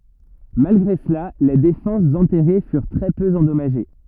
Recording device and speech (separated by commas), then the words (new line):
rigid in-ear microphone, read sentence
Malgré cela, les défenses enterrées furent très peu endommagées.